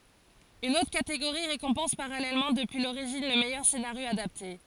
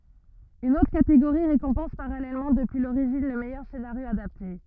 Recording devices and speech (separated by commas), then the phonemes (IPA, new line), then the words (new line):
forehead accelerometer, rigid in-ear microphone, read sentence
yn otʁ kateɡoʁi ʁekɔ̃pɑ̃s paʁalɛlmɑ̃ dəpyi loʁiʒin lə mɛjœʁ senaʁjo adapte
Une autre catégorie récompense parallèlement depuis l'origine le meilleur scénario adapté.